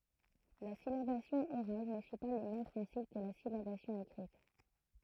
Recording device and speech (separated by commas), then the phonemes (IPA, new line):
throat microphone, read sentence
la silabasjɔ̃ oʁal nə syi pa le mɛm pʁɛ̃sip kə la silabasjɔ̃ ekʁit